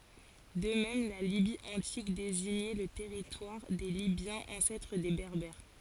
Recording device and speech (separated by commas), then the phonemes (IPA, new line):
forehead accelerometer, read sentence
də mɛm la libi ɑ̃tik deziɲɛ lə tɛʁitwaʁ de libjɑ̃z ɑ̃sɛtʁ de bɛʁbɛʁ